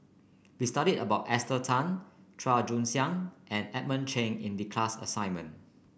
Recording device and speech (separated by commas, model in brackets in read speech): boundary microphone (BM630), read sentence